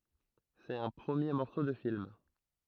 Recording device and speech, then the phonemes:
throat microphone, read sentence
sɛt œ̃ pʁəmje mɔʁso də film

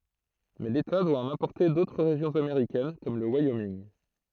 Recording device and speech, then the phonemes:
throat microphone, read sentence
mɛ leta dwa ɑ̃n ɛ̃pɔʁte dotʁ ʁeʒjɔ̃z ameʁikɛn kɔm lə wajominɡ

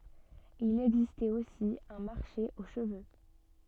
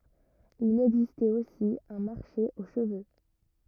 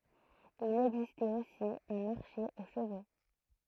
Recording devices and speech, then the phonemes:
soft in-ear microphone, rigid in-ear microphone, throat microphone, read sentence
il ɛɡzistɛt osi œ̃ maʁʃe o ʃəvø

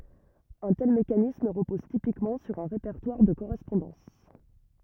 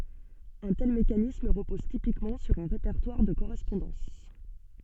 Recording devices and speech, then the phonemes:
rigid in-ear microphone, soft in-ear microphone, read sentence
œ̃ tɛl mekanism ʁəpɔz tipikmɑ̃ syʁ œ̃ ʁepɛʁtwaʁ də koʁɛspɔ̃dɑ̃s

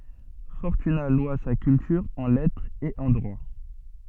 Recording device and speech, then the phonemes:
soft in-ear microphone, read sentence
fɔʁtyna lwa sa kyltyʁ ɑ̃ lɛtʁ e ɑ̃ dʁwa

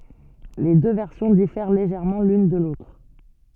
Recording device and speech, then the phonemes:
soft in-ear microphone, read sentence
le dø vɛʁsjɔ̃ difɛʁ leʒɛʁmɑ̃ lyn də lotʁ

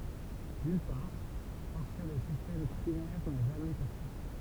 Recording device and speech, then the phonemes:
temple vibration pickup, read sentence
dyn paʁ paʁskə lə sistɛm tʁinɛʁ na ʒamɛ pɛʁse

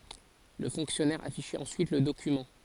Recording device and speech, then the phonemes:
forehead accelerometer, read sentence
lə fɔ̃ksjɔnɛʁ afiʃɛt ɑ̃syit lə dokymɑ̃

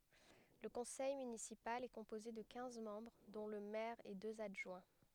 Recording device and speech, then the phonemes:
headset microphone, read sentence
lə kɔ̃sɛj mynisipal ɛ kɔ̃poze də kɛ̃z mɑ̃bʁ dɔ̃ lə mɛʁ e døz adʒwɛ̃

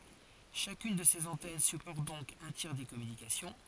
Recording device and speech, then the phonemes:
forehead accelerometer, read sentence
ʃakyn də sez ɑ̃tɛn sypɔʁt dɔ̃k œ̃ tjɛʁ de kɔmynikasjɔ̃

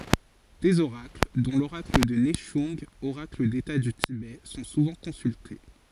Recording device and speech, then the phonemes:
forehead accelerometer, read sentence
dez oʁakl dɔ̃ loʁakl də nɛʃœ̃ɡ oʁakl deta dy tibɛ sɔ̃ suvɑ̃ kɔ̃sylte

